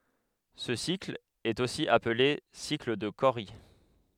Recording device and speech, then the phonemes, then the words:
headset microphone, read sentence
sə sikl ɛt osi aple sikl də koʁi
Ce cycle est aussi appelé cycle de Cori.

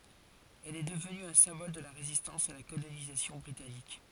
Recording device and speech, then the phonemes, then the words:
forehead accelerometer, read sentence
ɛl ɛ dəvny œ̃ sɛ̃bɔl də la ʁezistɑ̃s a la kolonizasjɔ̃ bʁitanik
Elle est devenue un symbole de la résistance à la colonisation britannique.

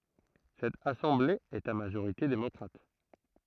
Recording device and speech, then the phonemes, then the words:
throat microphone, read sentence
sɛt asɑ̃ble ɛt a maʒoʁite demɔkʁat
Cette assemblée est à majorité démocrate.

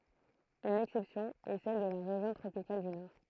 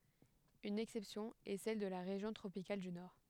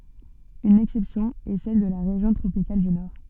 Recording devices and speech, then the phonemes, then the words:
throat microphone, headset microphone, soft in-ear microphone, read sentence
yn ɛksɛpsjɔ̃ ɛ sɛl də la ʁeʒjɔ̃ tʁopikal dy nɔʁ
Une exception est celle de la région tropicale du nord.

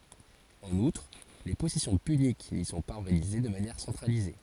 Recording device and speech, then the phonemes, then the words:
forehead accelerometer, read sentence
ɑ̃n utʁ le pɔsɛsjɔ̃ pynik ni sɔ̃ paz ɔʁɡanize də manjɛʁ sɑ̃tʁalize
En outre, les possessions puniques n'y sont pas organisées de manière centralisée.

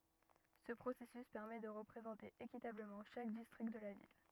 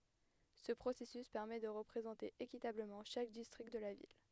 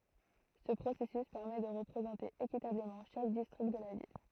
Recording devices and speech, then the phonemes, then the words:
rigid in-ear microphone, headset microphone, throat microphone, read sentence
sə pʁosɛsys pɛʁmɛ də ʁəpʁezɑ̃te ekitabləmɑ̃ ʃak distʁikt də la vil
Ce processus permet de représenter équitablement chaque district de la ville.

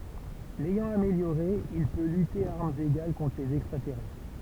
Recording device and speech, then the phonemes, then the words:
temple vibration pickup, read sentence
lɛjɑ̃ ameljoʁe il pø lyte a aʁmz eɡal kɔ̃tʁ lez ɛkstʁatɛʁɛstʁ
L'ayant amélioré, il peut lutter à armes égales contre les extraterrestres.

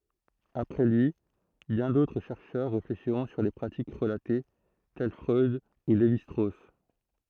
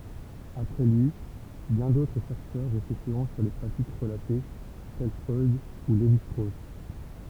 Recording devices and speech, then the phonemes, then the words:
throat microphone, temple vibration pickup, read sentence
apʁɛ lyi bjɛ̃ dotʁ ʃɛʁʃœʁ ʁefleʃiʁɔ̃ syʁ le pʁatik ʁəlate tɛl fʁœd u levi stʁos
Après lui, bien d'autres chercheurs réfléchiront sur les pratiques relatées, tels Freud ou Lévi-Strauss.

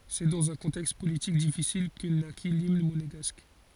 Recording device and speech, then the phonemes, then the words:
forehead accelerometer, read sentence
sɛ dɑ̃z œ̃ kɔ̃tɛkst politik difisil kə naki limn moneɡask
C'est dans un contexte politique difficile que naquit l'Hymne Monégasque.

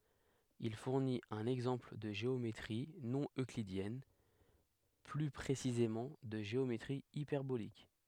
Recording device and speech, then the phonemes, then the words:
headset microphone, read sentence
il fuʁnit œ̃n ɛɡzɑ̃pl də ʒeometʁi nɔ̃ øklidjɛn ply pʁesizemɑ̃ də ʒeometʁi ipɛʁbolik
Il fournit un exemple de géométrie non euclidienne, plus précisément de géométrie hyperbolique.

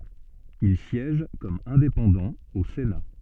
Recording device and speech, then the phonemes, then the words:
soft in-ear microphone, read sentence
il sjɛʒ kɔm ɛ̃depɑ̃dɑ̃ o sena
Il siège comme indépendant au Sénat.

